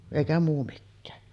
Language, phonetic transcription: Finnish, èikä muu 'mikkää .
- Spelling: eikä muu mikään

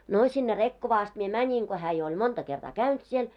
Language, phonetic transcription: Finnish, no , sinne 'Rekkovaa ast mie 'mäńin ko hää jo oĺ 'monta kertaa "käynt siel .
- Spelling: no sinne Rekkovaan asti minä menin kun hän jo oli monta kertaa käynyt siellä

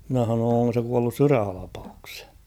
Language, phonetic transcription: Finnish, mⁱnä h̬anoon̬‿ » oŋko se 'kuallus "syrähalapaukshᴇᴊ ? «
- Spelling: minä sanoin onko se kuollut sydänhalvaukseen

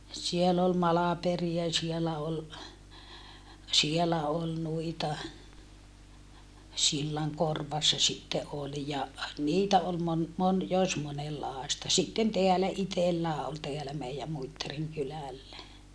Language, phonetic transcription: Finnish, siel ‿ol Malaperia sielä ol , sielä ol nuita , Sillaŋkorvassa sitte ʼol ja , niitä ol mon- , mon - jos monellaasta sitten teälä itellää ol teälä mei₍ä Muittariŋ kylä̀llä .
- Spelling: siellä oli Malperia siellä oli siellä oli noita Sillankorvassa sitten oli ja niitä oli - - jos monenlaista sitten täällä itsellään oli täällä meidän Muittarin kylällä

